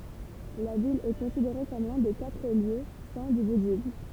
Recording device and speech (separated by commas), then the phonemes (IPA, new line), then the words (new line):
temple vibration pickup, read sentence
la vil ɛ kɔ̃sideʁe kɔm lœ̃ de katʁ ljø sɛ̃ dy budism
La ville est considérée comme l'un des quatre lieux saints du bouddhisme.